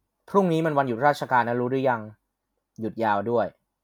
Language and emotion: Thai, frustrated